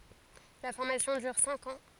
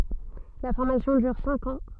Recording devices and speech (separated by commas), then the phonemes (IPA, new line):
forehead accelerometer, soft in-ear microphone, read sentence
la fɔʁmasjɔ̃ dyʁ sɛ̃k ɑ̃